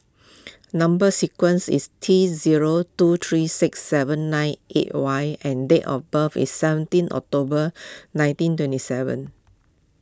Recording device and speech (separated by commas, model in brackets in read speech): close-talking microphone (WH20), read sentence